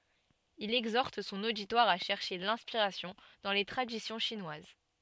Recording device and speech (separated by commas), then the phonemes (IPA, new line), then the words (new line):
soft in-ear microphone, read sentence
il ɛɡzɔʁt sɔ̃n oditwaʁ a ʃɛʁʃe lɛ̃spiʁasjɔ̃ dɑ̃ le tʁadisjɔ̃ ʃinwaz
Il exhorte son auditoire à chercher l'inspiration dans les traditions chinoises.